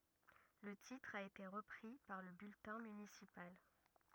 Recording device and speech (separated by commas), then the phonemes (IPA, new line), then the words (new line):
rigid in-ear microphone, read sentence
lə titʁ a ete ʁəpʁi paʁ lə byltɛ̃ mynisipal
Le titre a été repris par le bulletin municipal.